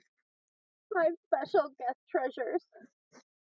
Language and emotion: English, sad